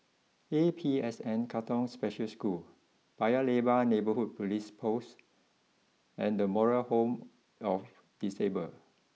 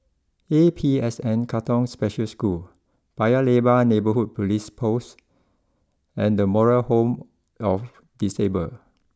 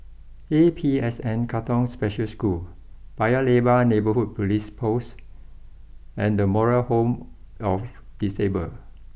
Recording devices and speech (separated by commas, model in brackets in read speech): mobile phone (iPhone 6), close-talking microphone (WH20), boundary microphone (BM630), read sentence